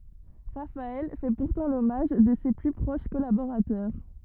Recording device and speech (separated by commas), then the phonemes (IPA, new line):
rigid in-ear microphone, read sentence
ʁafaɛl fɛ puʁtɑ̃ lɔmaʒ də se ply pʁoʃ kɔlaboʁatœʁ